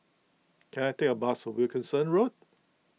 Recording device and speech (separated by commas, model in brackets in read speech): mobile phone (iPhone 6), read sentence